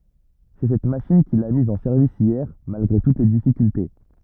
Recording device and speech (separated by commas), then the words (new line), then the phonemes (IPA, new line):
rigid in-ear microphone, read sentence
C'est cette machine qu'il a mise en service hier malgré toutes les difficultés.
sɛ sɛt maʃin kil a miz ɑ̃ sɛʁvis jɛʁ malɡʁe tut le difikylte